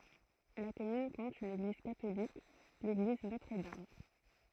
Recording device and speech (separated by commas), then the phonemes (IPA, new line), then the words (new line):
throat microphone, read sentence
la kɔmyn kɔ̃t yn eɡliz katolik leɡliz notʁ dam
La commune compte une église catholique, l'église Notre-Dame.